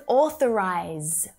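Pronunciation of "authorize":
'Authorize' starts with an 'or' sound as in 'door', followed by the unvoiced th sound and then a schwa. The final consonant sound is pronounced.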